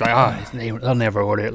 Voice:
gruffly